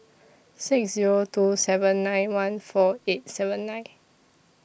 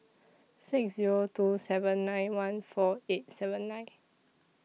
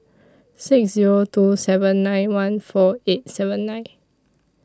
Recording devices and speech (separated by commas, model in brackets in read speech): boundary microphone (BM630), mobile phone (iPhone 6), standing microphone (AKG C214), read sentence